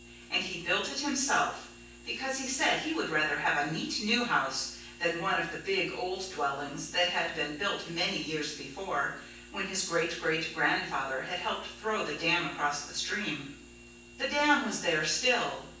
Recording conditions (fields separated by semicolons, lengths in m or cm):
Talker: one person; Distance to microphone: 9.8 m; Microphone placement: far; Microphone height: 1.8 m; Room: large; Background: none